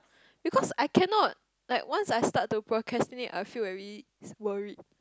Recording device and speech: close-talking microphone, conversation in the same room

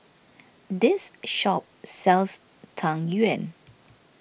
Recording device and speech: boundary microphone (BM630), read sentence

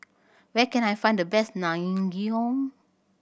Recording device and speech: boundary microphone (BM630), read sentence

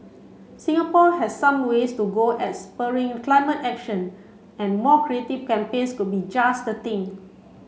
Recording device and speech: mobile phone (Samsung C7), read sentence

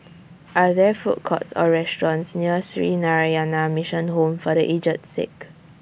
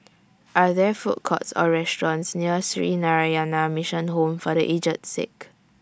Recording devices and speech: boundary microphone (BM630), standing microphone (AKG C214), read sentence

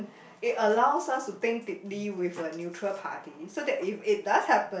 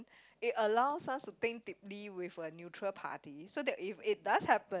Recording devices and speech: boundary microphone, close-talking microphone, conversation in the same room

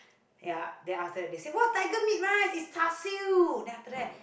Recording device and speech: boundary microphone, conversation in the same room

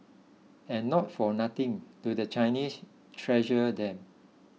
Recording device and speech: mobile phone (iPhone 6), read sentence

